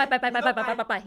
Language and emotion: Thai, frustrated